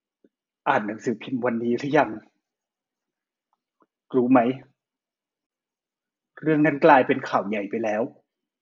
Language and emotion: Thai, sad